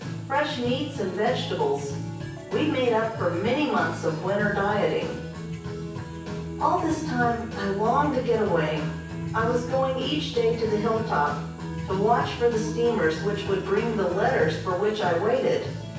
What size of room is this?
A spacious room.